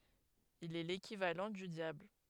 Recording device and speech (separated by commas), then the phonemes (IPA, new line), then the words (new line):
headset microphone, read sentence
il ɛ lekivalɑ̃ dy djabl
Il est l'équivalent du diable.